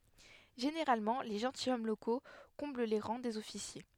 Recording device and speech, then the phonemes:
headset microphone, read sentence
ʒeneʁalmɑ̃ le ʒɑ̃tilʃɔm loko kɔ̃bl le ʁɑ̃ dez ɔfisje

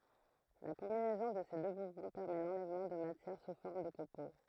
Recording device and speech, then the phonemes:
throat microphone, read sentence
la kɔ̃binɛzɔ̃ də se dø muvmɑ̃ pɛʁmɛ lɑ̃lɛvmɑ̃ də matjɛʁ su fɔʁm də kopo

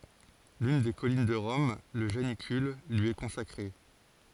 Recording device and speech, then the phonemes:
forehead accelerometer, read sentence
lyn de kɔlin də ʁɔm lə ʒanikyl lyi ɛ kɔ̃sakʁe

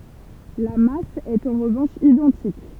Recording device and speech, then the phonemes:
temple vibration pickup, read sentence
la mas ɛt ɑ̃ ʁəvɑ̃ʃ idɑ̃tik

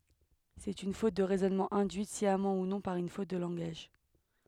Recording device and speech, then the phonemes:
headset microphone, read sentence
sɛt yn fot də ʁɛzɔnmɑ̃ ɛ̃dyit sjamɑ̃ u nɔ̃ paʁ yn fot də lɑ̃ɡaʒ

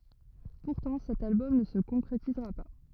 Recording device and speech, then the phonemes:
rigid in-ear microphone, read sentence
puʁtɑ̃ sɛt albɔm nə sə kɔ̃kʁetizʁa pa

